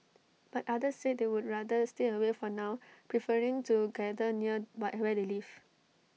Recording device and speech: mobile phone (iPhone 6), read sentence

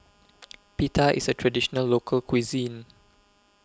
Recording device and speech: close-talking microphone (WH20), read sentence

